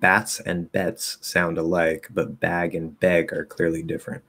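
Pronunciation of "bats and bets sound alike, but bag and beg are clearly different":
The whole sentence is clearly enunciated.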